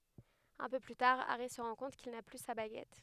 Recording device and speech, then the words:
headset microphone, read sentence
Un peu plus tard, Harry se rend compte qu'il n'a plus sa baguette.

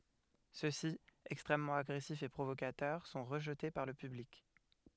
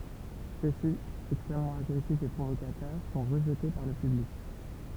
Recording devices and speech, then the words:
headset microphone, temple vibration pickup, read sentence
Ceux-ci, extrêmement agressifs et provocateurs, sont rejetés par le public.

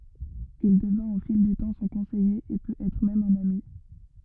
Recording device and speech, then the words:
rigid in-ear microphone, read sentence
Il devint au fil du temps son conseiller, et peut être même un ami.

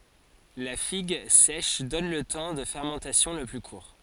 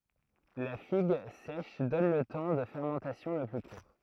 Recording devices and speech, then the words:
forehead accelerometer, throat microphone, read sentence
La figue sèche donne le temps de fermentation le plus court.

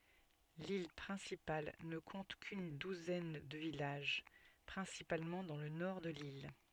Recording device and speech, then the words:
soft in-ear microphone, read sentence
L'île principale ne compte qu'une douzaine de villages, principalement dans le nord de l'île.

